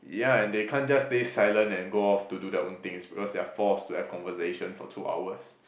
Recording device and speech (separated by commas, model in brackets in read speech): boundary microphone, conversation in the same room